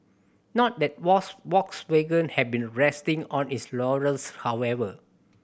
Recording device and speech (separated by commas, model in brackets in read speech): boundary microphone (BM630), read sentence